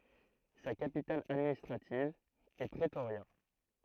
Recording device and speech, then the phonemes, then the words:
throat microphone, read sentence
sa kapital administʁativ ɛ pʁətoʁja
Sa capitale administrative est Pretoria.

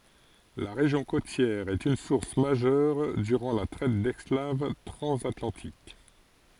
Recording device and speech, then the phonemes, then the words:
forehead accelerometer, read sentence
la ʁeʒjɔ̃ kotjɛʁ ɛt yn suʁs maʒœʁ dyʁɑ̃ la tʁɛt dɛsklav tʁɑ̃zatlɑ̃tik
La région côtière est une source majeure durant la traite d'esclaves transatlantique.

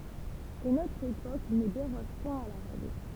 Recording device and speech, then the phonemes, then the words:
temple vibration pickup, read sentence
e notʁ epok nə deʁɔʒ pwɛ̃ a la ʁɛɡl
Et notre époque ne déroge point à la règle.

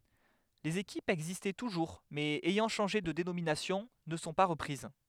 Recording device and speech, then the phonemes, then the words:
headset microphone, read sentence
lez ekipz ɛɡzistɑ̃ tuʒuʁ mɛz ɛjɑ̃ ʃɑ̃ʒe də denominasjɔ̃ nə sɔ̃ pa ʁəpʁiz
Les équipes existant toujours mais ayant changé de dénomination ne sont pas reprises.

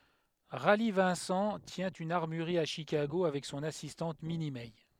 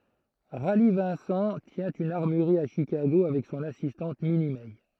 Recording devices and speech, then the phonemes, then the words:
headset microphone, throat microphone, read sentence
ʁali vɛ̃sɑ̃ tjɛ̃ yn aʁmyʁʁi a ʃikaɡo avɛk sɔ̃n asistɑ̃t mini mɛ
Rally Vincent tient une armurerie à Chicago avec son assistante Minnie Mey.

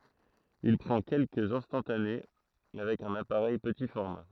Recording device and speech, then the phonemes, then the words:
throat microphone, read sentence
il pʁɑ̃ kɛlkəz ɛ̃stɑ̃tane avɛk œ̃n apaʁɛj pəti fɔʁma
Il prend quelques instantanés avec un appareil petit format.

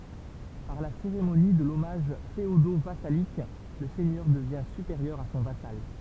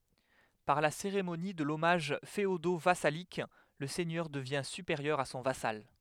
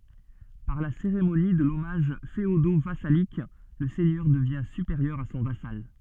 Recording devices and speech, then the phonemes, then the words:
temple vibration pickup, headset microphone, soft in-ear microphone, read sentence
paʁ la seʁemoni də lɔmaʒ feodovasalik lə sɛɲœʁ dəvjɛ̃ sypeʁjœʁ a sɔ̃ vasal
Par la cérémonie de l'hommage féodo-vassalique, le seigneur devient supérieur à son vassal.

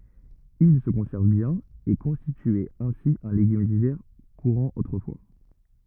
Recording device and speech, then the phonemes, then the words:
rigid in-ear microphone, read sentence
il sə kɔ̃sɛʁv bjɛ̃n e kɔ̃stityɛt ɛ̃si œ̃ leɡym divɛʁ kuʁɑ̃ otʁəfwa
Ils se conservent bien et constituaient ainsi un légume d'hiver courant autrefois.

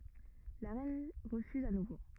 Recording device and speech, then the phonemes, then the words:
rigid in-ear microphone, read sentence
la ʁɛn ʁəfyz a nuvo
La reine refuse à nouveau.

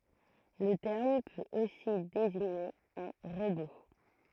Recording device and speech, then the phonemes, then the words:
throat microphone, read sentence
lə tɛʁm pøt osi deziɲe œ̃ ʁobo
Le terme peut aussi désigner un robot.

